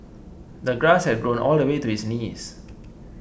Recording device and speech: boundary microphone (BM630), read sentence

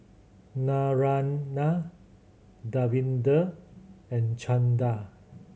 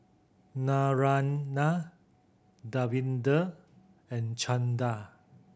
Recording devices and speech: mobile phone (Samsung C7100), boundary microphone (BM630), read sentence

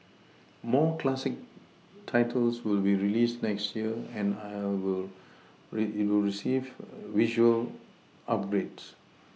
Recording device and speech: mobile phone (iPhone 6), read sentence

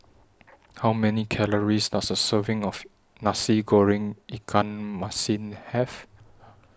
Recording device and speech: standing microphone (AKG C214), read sentence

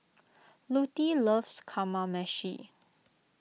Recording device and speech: mobile phone (iPhone 6), read sentence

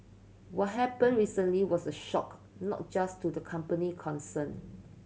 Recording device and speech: mobile phone (Samsung C7100), read sentence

